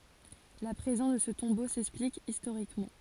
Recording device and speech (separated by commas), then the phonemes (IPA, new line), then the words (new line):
forehead accelerometer, read sentence
la pʁezɑ̃s də sə tɔ̃bo sɛksplik istoʁikmɑ̃
La présence de ce tombeau s'explique historiquement.